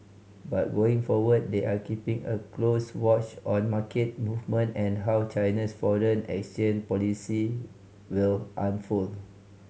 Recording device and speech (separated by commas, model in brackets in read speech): mobile phone (Samsung C5010), read sentence